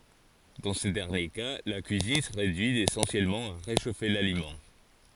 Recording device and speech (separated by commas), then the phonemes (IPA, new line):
forehead accelerometer, read sentence
dɑ̃ sə dɛʁnje ka la kyizin sə ʁedyi esɑ̃sjɛlmɑ̃ a ʁeʃofe lalimɑ̃